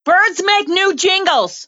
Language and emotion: English, surprised